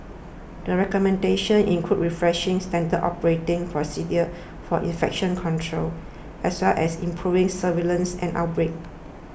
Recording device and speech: boundary microphone (BM630), read sentence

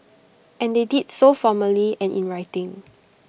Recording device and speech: boundary microphone (BM630), read sentence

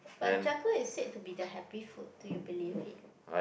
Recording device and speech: boundary microphone, conversation in the same room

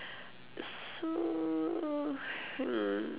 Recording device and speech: telephone, conversation in separate rooms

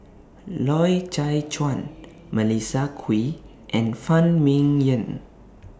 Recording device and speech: standing microphone (AKG C214), read sentence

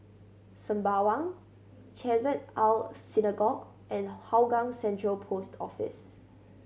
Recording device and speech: mobile phone (Samsung C7100), read sentence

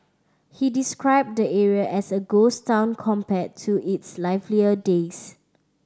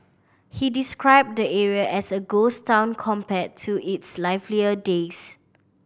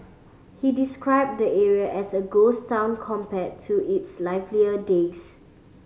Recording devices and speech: standing microphone (AKG C214), boundary microphone (BM630), mobile phone (Samsung C5010), read sentence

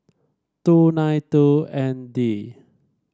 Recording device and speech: standing microphone (AKG C214), read sentence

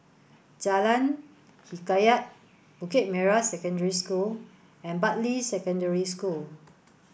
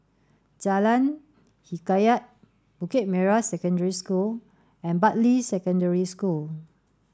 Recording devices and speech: boundary microphone (BM630), standing microphone (AKG C214), read sentence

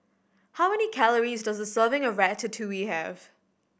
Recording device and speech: boundary microphone (BM630), read sentence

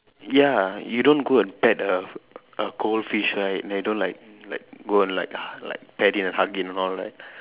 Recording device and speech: telephone, conversation in separate rooms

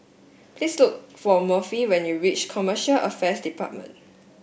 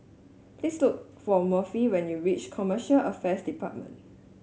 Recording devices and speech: boundary microphone (BM630), mobile phone (Samsung S8), read sentence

